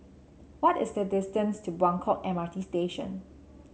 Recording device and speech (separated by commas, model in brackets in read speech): mobile phone (Samsung C7), read sentence